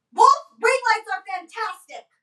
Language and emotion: English, angry